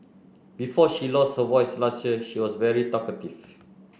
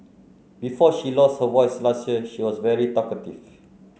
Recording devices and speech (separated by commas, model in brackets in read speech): boundary microphone (BM630), mobile phone (Samsung C9), read sentence